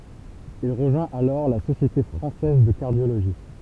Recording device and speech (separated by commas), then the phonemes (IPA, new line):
temple vibration pickup, read sentence
il ʁəʒwɛ̃t alɔʁ la sosjete fʁɑ̃sɛz də kaʁdjoloʒi